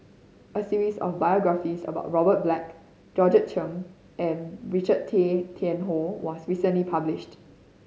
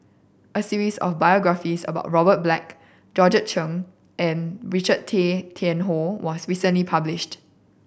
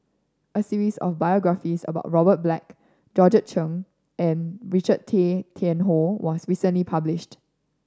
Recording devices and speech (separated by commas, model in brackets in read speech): mobile phone (Samsung C5010), boundary microphone (BM630), standing microphone (AKG C214), read sentence